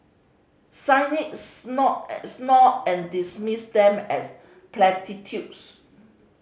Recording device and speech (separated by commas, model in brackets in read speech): mobile phone (Samsung C5010), read sentence